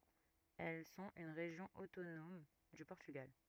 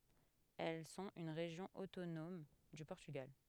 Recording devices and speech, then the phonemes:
rigid in-ear microphone, headset microphone, read sentence
ɛl sɔ̃t yn ʁeʒjɔ̃ otonɔm dy pɔʁtyɡal

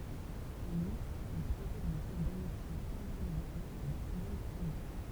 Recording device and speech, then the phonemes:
temple vibration pickup, read sentence
ɑ̃n utʁ il pʁezid lə ɡʁup damitje fʁɑ̃s bylɡaʁi də lasɑ̃ble nasjonal

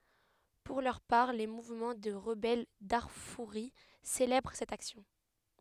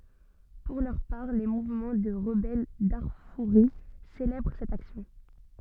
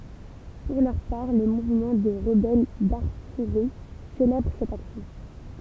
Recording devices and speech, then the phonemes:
headset microphone, soft in-ear microphone, temple vibration pickup, read sentence
puʁ lœʁ paʁ le muvmɑ̃ də ʁəbɛl daʁfuʁi selɛbʁ sɛt aksjɔ̃

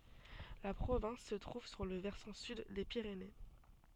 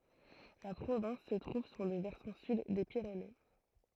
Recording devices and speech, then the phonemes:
soft in-ear microphone, throat microphone, read sentence
la pʁovɛ̃s sə tʁuv syʁ lə vɛʁsɑ̃ syd de piʁene

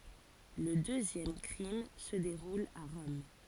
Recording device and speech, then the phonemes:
forehead accelerometer, read sentence
lə døzjɛm kʁim sə deʁul a ʁɔm

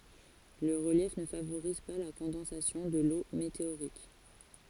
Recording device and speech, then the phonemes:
forehead accelerometer, read sentence
lə ʁəljɛf nə favoʁiz pa la kɔ̃dɑ̃sasjɔ̃ də lo meteoʁik

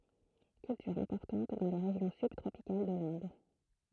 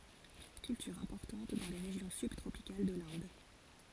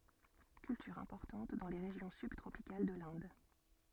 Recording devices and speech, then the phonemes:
throat microphone, forehead accelerometer, soft in-ear microphone, read sentence
kyltyʁ ɛ̃pɔʁtɑ̃t dɑ̃ le ʁeʒjɔ̃ sybtʁopikal də lɛ̃d

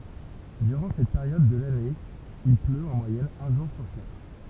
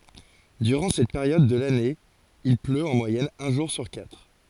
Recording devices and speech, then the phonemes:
temple vibration pickup, forehead accelerometer, read sentence
dyʁɑ̃ sɛt peʁjɔd də lane il pløt ɑ̃ mwajɛn œ̃ ʒuʁ syʁ katʁ

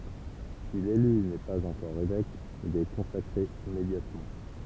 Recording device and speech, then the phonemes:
temple vibration pickup, read sentence
si lely nɛ paz ɑ̃kɔʁ evɛk il ɛ kɔ̃sakʁe immedjatmɑ̃

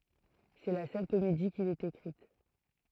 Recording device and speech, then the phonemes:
throat microphone, read sentence
sɛ la sœl komedi kil ɛt ekʁit

